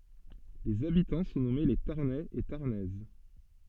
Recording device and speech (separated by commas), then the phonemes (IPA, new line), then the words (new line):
soft in-ear microphone, read sentence
lez abitɑ̃ sɔ̃ nɔme le taʁnɛz e taʁnɛz
Les habitants sont nommés les Tarnais et Tarnaises.